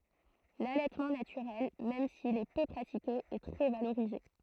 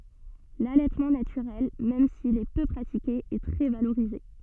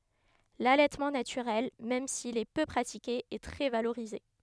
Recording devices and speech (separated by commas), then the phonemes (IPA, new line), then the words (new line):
throat microphone, soft in-ear microphone, headset microphone, read sentence
lalɛtmɑ̃ natyʁɛl mɛm sil ɛ pø pʁatike ɛ tʁɛ valoʁize
L'allaitement naturel, même s'il est peu pratiqué, est très valorisé.